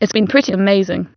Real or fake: fake